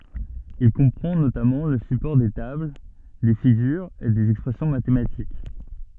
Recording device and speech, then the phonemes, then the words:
soft in-ear microphone, read sentence
il kɔ̃pʁɑ̃ notamɑ̃ lə sypɔʁ de tabl de fiɡyʁz e dez ɛkspʁɛsjɔ̃ matematik
Il comprend notamment le support des tables, des figures et des expressions mathématiques.

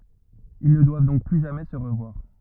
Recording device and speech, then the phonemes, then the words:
rigid in-ear microphone, read sentence
il nə dwav dɔ̃k ply ʒamɛ sə ʁəvwaʁ
Ils ne doivent donc plus jamais se revoir.

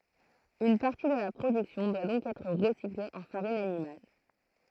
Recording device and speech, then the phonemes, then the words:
throat microphone, read sentence
yn paʁti də la pʁodyksjɔ̃ dwa dɔ̃k ɛtʁ ʁəsikle ɑ̃ faʁin animal
Une partie de la production doit donc être recyclée en farine animale.

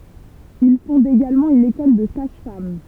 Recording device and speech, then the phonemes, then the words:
temple vibration pickup, read sentence
il fɔ̃d eɡalmɑ̃ yn ekɔl də saʒ fam
Il fonde également une école de sages-femmes.

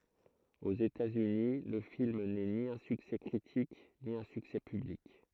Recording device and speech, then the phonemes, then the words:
throat microphone, read sentence
oz etatsyni lə film nɛ ni œ̃ syksɛ kʁitik ni œ̃ syksɛ pyblik
Aux États-Unis, le film n’est ni un succès critique, ni un succès public.

